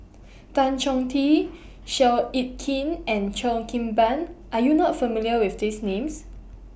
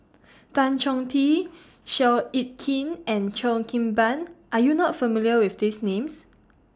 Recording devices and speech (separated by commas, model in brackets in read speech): boundary microphone (BM630), standing microphone (AKG C214), read sentence